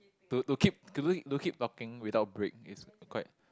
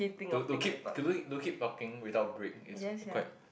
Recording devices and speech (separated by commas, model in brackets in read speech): close-talking microphone, boundary microphone, conversation in the same room